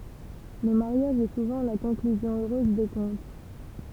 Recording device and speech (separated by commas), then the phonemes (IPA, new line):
temple vibration pickup, read sentence
lə maʁjaʒ ɛ suvɑ̃ la kɔ̃klyzjɔ̃ øʁøz de kɔ̃t